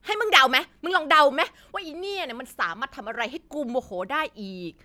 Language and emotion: Thai, angry